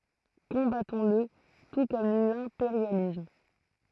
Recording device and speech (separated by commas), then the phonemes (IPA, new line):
throat microphone, read sentence
kɔ̃batɔ̃sl tu kɔm lɛ̃peʁjalism